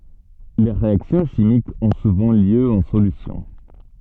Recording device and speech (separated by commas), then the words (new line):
soft in-ear microphone, read sentence
Les réactions chimiques ont souvent lieu en solution.